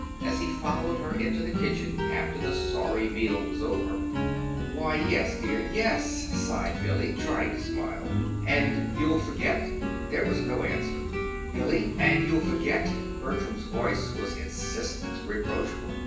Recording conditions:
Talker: one person; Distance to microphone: 9.8 m; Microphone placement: far; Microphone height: 1.8 m; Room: large; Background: music

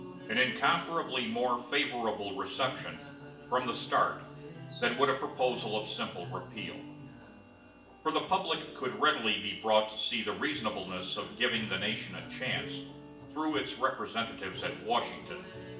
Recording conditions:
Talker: one person; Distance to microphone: 1.8 m; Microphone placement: close; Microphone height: 1.0 m; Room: large; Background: music

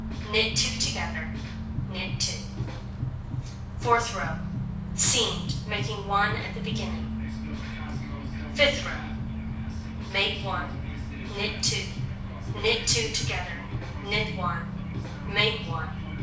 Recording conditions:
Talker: one person; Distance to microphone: 5.8 m; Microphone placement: far; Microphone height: 1.8 m; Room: medium-sized (5.7 m by 4.0 m); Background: music

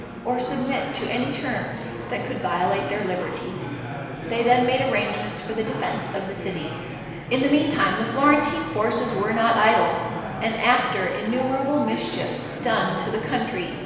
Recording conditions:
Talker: one person; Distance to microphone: 1.7 m; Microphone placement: close; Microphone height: 1.0 m; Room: very reverberant, large; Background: babble

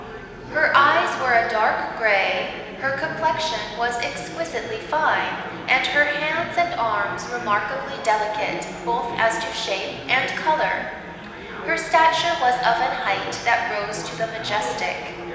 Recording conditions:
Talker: one person; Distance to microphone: 1.7 m; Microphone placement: close; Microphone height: 1.0 m; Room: very reverberant, large; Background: babble

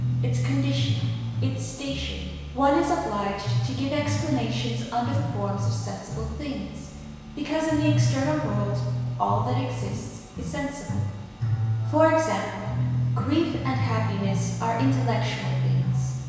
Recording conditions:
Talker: one person; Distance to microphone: 1.7 m; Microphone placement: close; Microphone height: 1.0 m; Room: very reverberant, large; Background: music

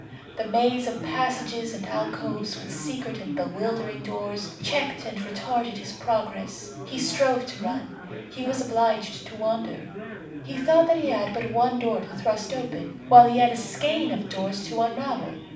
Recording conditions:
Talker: one person; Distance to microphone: 5.8 m; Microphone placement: far; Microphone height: 1.8 m; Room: medium-sized (5.7 m by 4.0 m); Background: babble

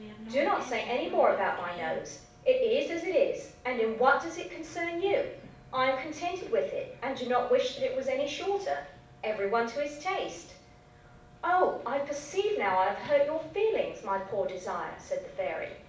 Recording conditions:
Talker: one person; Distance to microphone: 5.8 m; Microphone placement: far; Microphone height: 1.8 m; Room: medium-sized (5.7 m by 4.0 m); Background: television

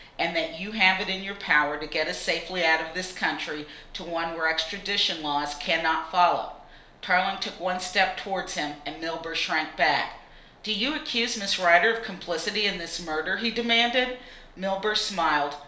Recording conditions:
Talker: one person; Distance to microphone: 1.0 m; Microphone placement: close; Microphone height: 1.1 m; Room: small (3.7 m by 2.7 m); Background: none

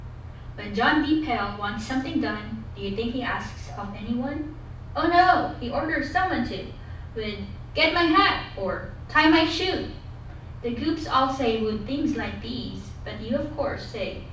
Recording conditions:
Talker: one person; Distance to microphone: 5.8 m; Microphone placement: far; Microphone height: 1.8 m; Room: medium-sized (5.7 m by 4.0 m); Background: none

